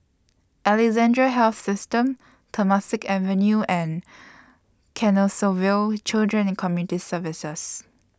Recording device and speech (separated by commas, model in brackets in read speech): standing microphone (AKG C214), read sentence